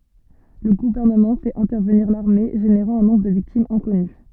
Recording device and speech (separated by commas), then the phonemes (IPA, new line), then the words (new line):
soft in-ear microphone, read sentence
lə ɡuvɛʁnəmɑ̃ fɛt ɛ̃tɛʁvəniʁ laʁme ʒeneʁɑ̃ œ̃ nɔ̃bʁ də viktimz ɛ̃kɔny
Le gouvernement fait intervenir l'armée, générant un nombre de victimes inconnu.